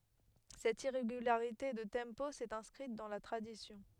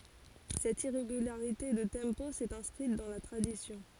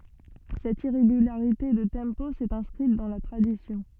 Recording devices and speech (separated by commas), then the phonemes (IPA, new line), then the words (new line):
headset microphone, forehead accelerometer, soft in-ear microphone, read sentence
sɛt iʁeɡylaʁite də tɑ̃po sɛt ɛ̃skʁit dɑ̃ la tʁadisjɔ̃
Cette irrégularité de tempo s'est inscrite dans la tradition.